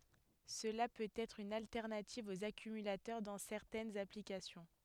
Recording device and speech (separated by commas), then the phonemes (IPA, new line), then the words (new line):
headset microphone, read sentence
səla pøt ɛtʁ yn altɛʁnativ oz akymylatœʁ dɑ̃ sɛʁtɛnz aplikasjɔ̃
Cela peut être une alternative aux accumulateurs dans certaines applications.